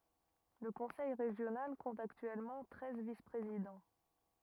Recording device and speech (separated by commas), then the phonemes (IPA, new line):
rigid in-ear microphone, read sentence
lə kɔ̃sɛj ʁeʒjonal kɔ̃t aktyɛlmɑ̃ tʁɛz vispʁezidɑ̃